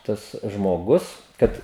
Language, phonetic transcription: Lithuanian, ˈtas žmoˈgus ˈkad

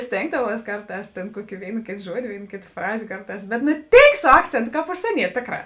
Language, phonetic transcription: Lithuanian, ˈstėngdavuos ˈkarˌtās ˈtėn ˈkuoki ˈvėin ˈkėt ˈžuodi ˈvėin ˈkėt ˈfrazė ˈkarˌtās bet nu ˈtėik su ˈakcėntu ˈkāp užsieˈniet' ˈtėkˌrā

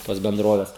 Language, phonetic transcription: Lithuanian, tos benˈdroves

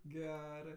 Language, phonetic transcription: Lithuanian, ˈgerɜ

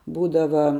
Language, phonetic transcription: Lithuanian, ˈbūdava

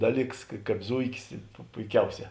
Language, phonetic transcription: Lithuanian, ˈdaˌlyks ka ˈkāp ˈzuikis pu puiˈkiauˌsē

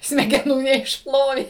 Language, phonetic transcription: Lithuanian, smegeˈnų neišˈplovė

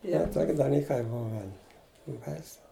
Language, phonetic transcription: Lithuanian, ˈje ˈtok' daˈlykai ˈbuven baiˈsu

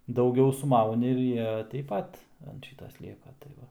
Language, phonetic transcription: Lithuanian, dauˈgiau suˈmauni ir ˈjie teip ˈpat ant ˈšyta ˈslieka tai ˈva

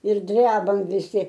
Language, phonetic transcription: Lithuanian, ir ˈdrebam viˈsi

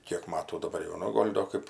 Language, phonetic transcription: Lithuanian, ˈkiek ˈmatų daˈbar jau ˈnu ˈgol' do ˈkɜp

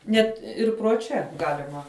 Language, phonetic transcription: Lithuanian, ˈnet ˈir pro ˈčia ˈgalima

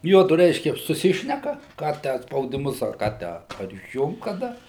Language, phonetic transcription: Lithuanian, ˈjuodu reiškia suˈsišneka ˈką tę a spaudiˈmus ar ˈką ˈtę ar išˈjungt kaˈda

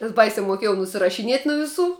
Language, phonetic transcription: Lithuanian, nes ˈbaisia muoˈkiejau nusirašiˈniet nu viˈsų

